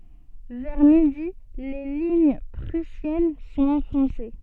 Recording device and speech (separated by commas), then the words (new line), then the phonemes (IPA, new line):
soft in-ear microphone, read sentence
Vers midi, les lignes prussiennes sont enfoncées.
vɛʁ midi le liɲ pʁysjɛn sɔ̃t ɑ̃fɔ̃se